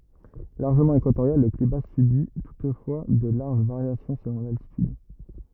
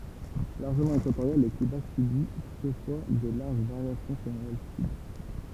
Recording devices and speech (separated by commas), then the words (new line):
rigid in-ear microphone, temple vibration pickup, read sentence
Largement équatorial, le climat subit toutefois de larges variations selon l’altitude.